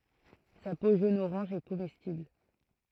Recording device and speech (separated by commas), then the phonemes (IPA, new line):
throat microphone, read sentence
sa po ʒonəoʁɑ̃ʒ ɛ komɛstibl